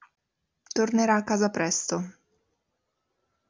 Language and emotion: Italian, neutral